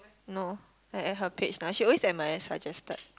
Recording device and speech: close-talking microphone, conversation in the same room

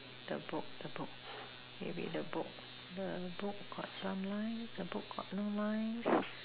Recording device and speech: telephone, conversation in separate rooms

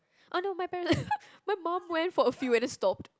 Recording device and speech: close-talking microphone, conversation in the same room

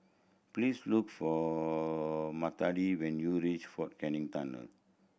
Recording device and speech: boundary microphone (BM630), read sentence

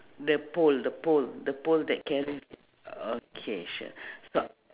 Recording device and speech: telephone, conversation in separate rooms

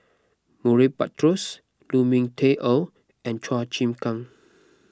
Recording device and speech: close-talking microphone (WH20), read sentence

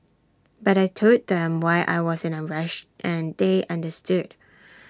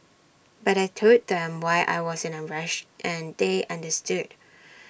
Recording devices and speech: standing microphone (AKG C214), boundary microphone (BM630), read sentence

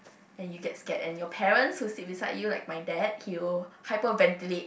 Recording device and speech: boundary microphone, conversation in the same room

